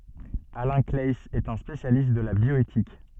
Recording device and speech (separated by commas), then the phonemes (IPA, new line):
soft in-ear microphone, read sentence
alɛ̃ klaɛiz ɛt œ̃ spesjalist də la bjɔetik